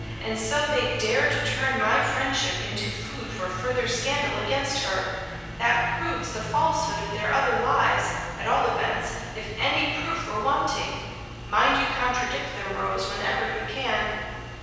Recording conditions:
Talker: one person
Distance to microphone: 7.1 m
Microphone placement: far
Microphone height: 1.7 m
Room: very reverberant, large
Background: music

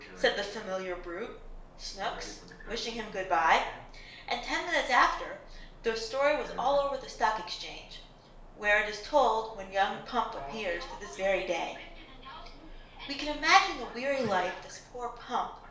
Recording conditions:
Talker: one person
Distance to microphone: 1.0 m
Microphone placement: close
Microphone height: 1.1 m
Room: small (3.7 m by 2.7 m)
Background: television

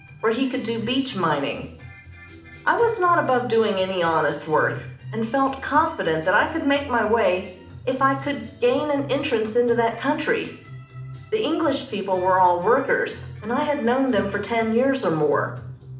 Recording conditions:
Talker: one person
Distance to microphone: 2.0 m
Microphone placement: close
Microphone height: 99 cm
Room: medium-sized (5.7 m by 4.0 m)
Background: music

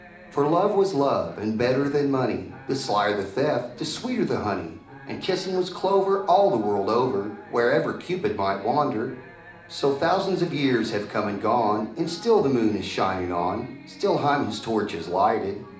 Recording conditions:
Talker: one person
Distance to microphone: 2.0 m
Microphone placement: close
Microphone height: 99 cm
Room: medium-sized (5.7 m by 4.0 m)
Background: television

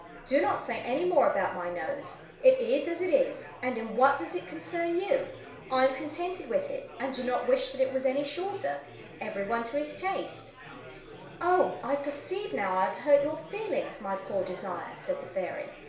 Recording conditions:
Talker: one person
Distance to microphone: 1.0 m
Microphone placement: close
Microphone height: 1.1 m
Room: small (3.7 m by 2.7 m)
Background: babble

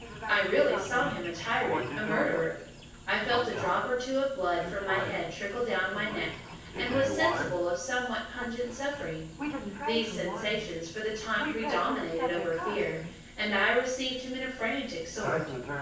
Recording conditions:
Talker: one person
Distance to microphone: 9.8 m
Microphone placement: far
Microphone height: 1.8 m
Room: large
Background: television

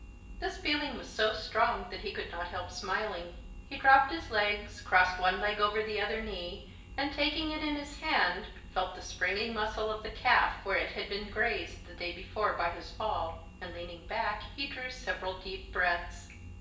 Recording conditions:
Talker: one person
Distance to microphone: 1.8 m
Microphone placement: close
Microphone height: 1.0 m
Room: large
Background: none

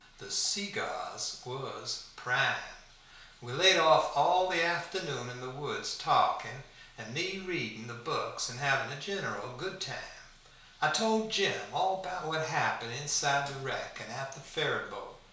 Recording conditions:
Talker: one person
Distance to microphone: 1.0 m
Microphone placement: close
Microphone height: 1.1 m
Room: small (3.7 m by 2.7 m)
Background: none

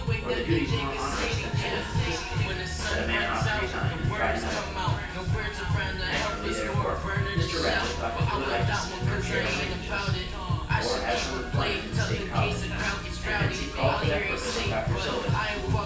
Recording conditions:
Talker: one person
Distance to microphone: 9.8 m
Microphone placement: far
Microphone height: 1.8 m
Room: large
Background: music

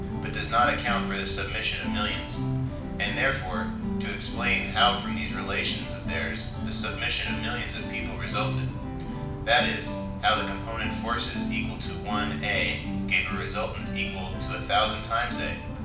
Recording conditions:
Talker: one person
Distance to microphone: 5.8 m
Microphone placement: far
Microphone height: 1.8 m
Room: medium-sized (5.7 m by 4.0 m)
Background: music

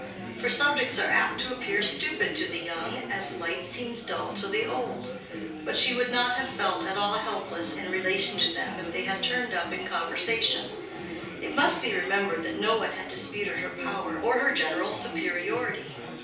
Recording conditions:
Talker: one person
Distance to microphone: 3.0 m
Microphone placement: far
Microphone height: 1.8 m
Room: small (3.7 m by 2.7 m)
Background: babble

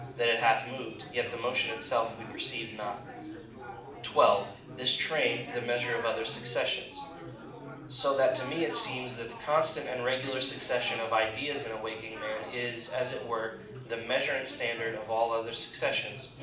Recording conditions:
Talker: one person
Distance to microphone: 2.0 m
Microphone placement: close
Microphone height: 99 cm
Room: medium-sized (5.7 m by 4.0 m)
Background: babble

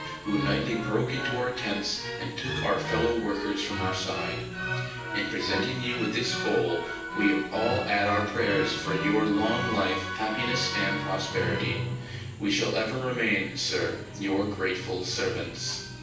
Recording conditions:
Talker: one person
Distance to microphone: 9.8 m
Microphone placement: far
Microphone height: 1.8 m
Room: large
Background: music

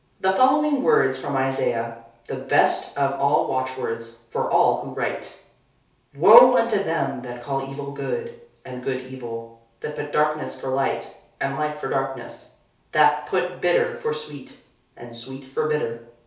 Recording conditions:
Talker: one person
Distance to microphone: 3.0 m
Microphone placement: far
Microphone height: 1.8 m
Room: small (3.7 m by 2.7 m)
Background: none

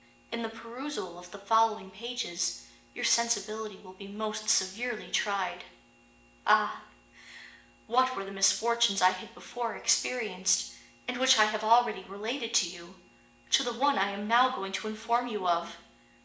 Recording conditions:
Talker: one person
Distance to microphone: 1.8 m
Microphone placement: close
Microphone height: 1.0 m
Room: large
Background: none

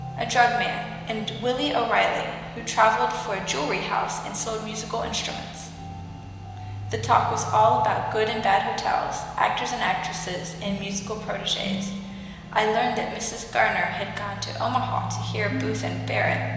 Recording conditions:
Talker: one person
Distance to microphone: 1.7 m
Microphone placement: close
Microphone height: 1.0 m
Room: very reverberant, large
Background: music

